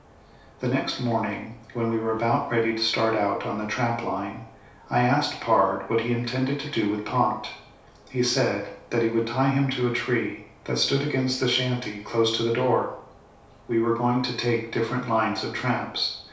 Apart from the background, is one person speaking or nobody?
One person.